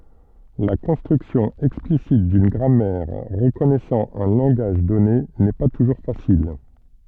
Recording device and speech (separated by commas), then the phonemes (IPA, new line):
soft in-ear microphone, read sentence
la kɔ̃stʁyksjɔ̃ ɛksplisit dyn ɡʁamɛʁ ʁəkɔnɛsɑ̃ œ̃ lɑ̃ɡaʒ dɔne nɛ pa tuʒuʁ fasil